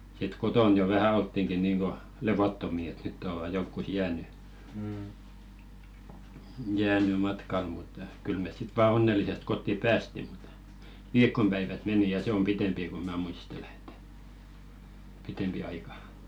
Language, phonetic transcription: Finnish, sit "koton jo vähä 'olttiŋki niiŋɢo "levottomi et 'nytt ‿ova jonkkus "jääny , 'jääny matkal mut , 'kyl mes sit vaa 'onnel̆li-sest kotti "päästi ᴹᵁᵗ , "viik̆kom päivät 'meni ja 'se om "pitempi ko 'mä muistele ᵉᵗᵗÄ§ , 'pitempi 'aika .
- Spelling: sitten kotona jo vähän oltiinkin niin kuin levottomia että nyt ovat johonkin jäänyt jäänyt matkalle mutta kyllä me sitten vain onnellisesti kotiin päästiin mutta viikon päivät meni ja se on pitempi kun minä muistelen että pitempi aika

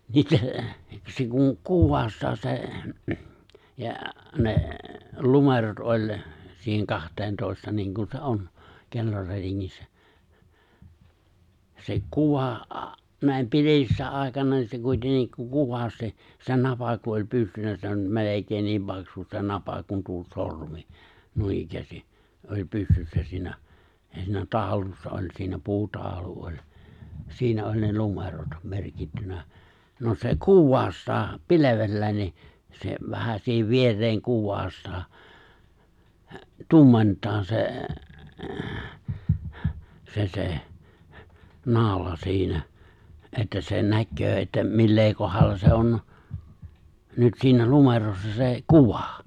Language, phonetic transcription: Finnish, 'niitä , se kuŋ 'kuwwaastaa se , ja , ne , 'lumerot ’oĺ , 'siiheŋ 'kaht̀eentoista niiŋkun se 'on , 'kellorätiŋŋissä , se 'kuvà , nä̀em 'pilevissä àekana niin se 'kuitennik (ku) 'kuvasti , se 'napa ku oĺ 'pystyssä 'melekein niim 'paksu se 'napa kun tuo 'sormi , 'nuinikkäästi , oĺ 'pystyssä siinä , siinä 'taaᵒlussa oĺ siinä 'puutaaᵒlu oĺ , 'siinä oĺ ne 'lumerot , 'merkittynä , no se "kuwwaastaa , "pilevellä̀i̬n ni , se vähä siihev 'vier̀eeŋ 'kuwwaastaa , "tumment̀aa 'se , 'se se , 'nào̭la 'siinä , 'että sen 'näkköö että , 'millee 'kohalla se 'on , 'nyt siinä 'lumerossa se 'kuvà .
- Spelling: niitä se kun kuvastaa se ja ne numerot oli siihen kahteentoista niin kuin se on kellorätingissä se kuva näin pilvisenä aikana niin se kuitenkin kun kuvasti se napa kun oli pystyssä melkein niin paksu se napa kuin tuo sormi noinikään oli pystyssä siinä siinä taulussa oli siinä puutaulu oli siinä oli ne numerot merkittynä no se kuvastaa pilvellä niin se vähän siihen viereen kuvastaa tummentaa se se se naula siinä että sen näkee että millä kohdalla se on nyt siinä numerossa se kuva

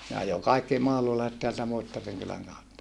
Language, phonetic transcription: Finnish, ne ajo kaikki mahlulaiset teältä Muittariŋ kyläŋ kautta .
- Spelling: ne ajoi kaikki mahlulaiset täältä Muittarin kylän kautta

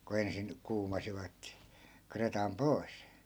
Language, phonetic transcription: Finnish, ku 'ensin , 'kuumasivat , 'kretam "poi̮s .
- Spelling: kun ensin kuumasivat kretan pois

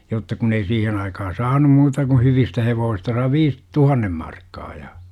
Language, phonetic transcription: Finnish, jotta 'kun ‿ei 'siihen aikaha "saanum muuta ku 'hyvistä 'hevoosista sai 'viis , "tuhannem 'markkaa ja .
- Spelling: jotta kun ei siihen aikaan saanut muuta kuin hyvistä hevosista sai viisi tuhannen markkaa ja

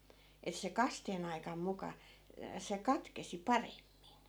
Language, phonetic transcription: Finnish, et se 'kasteen ‿aikam 'muka , se 'katkesi "paremmin .
- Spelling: että se kasteen aikana muka se katkesi paremmin

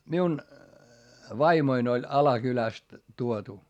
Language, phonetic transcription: Finnish, miun , vaimoin ‿oĺ Alakyläst tuotu .
- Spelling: minun vaimoni oli Alakylästä tuotu

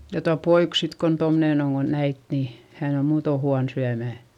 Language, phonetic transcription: Finnish, ja tua poik sit kon tomnèn ‿oŋ ko näit ni , hän ‿o muuto huan syämä̀ .
- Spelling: ja tuo poika sitten kun tuommoinen on kun näitte niin hän on muuten huono syömään

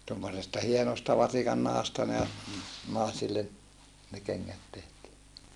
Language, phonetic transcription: Finnish, tommosesta hienosta vasikannahasta ne , nàesillen , ne kennät tehtii .
- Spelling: tuommoisesta hienosta vasikannahasta ne naisille ne kengät tehtiin

